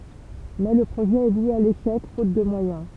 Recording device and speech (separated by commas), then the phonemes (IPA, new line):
temple vibration pickup, read sentence
mɛ lə pʁoʒɛ ɛ vwe a leʃɛk fot də mwajɛ̃